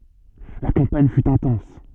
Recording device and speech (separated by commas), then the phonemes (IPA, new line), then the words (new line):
soft in-ear microphone, read sentence
la kɑ̃paɲ fy ɛ̃tɑ̃s
La campagne fut intense.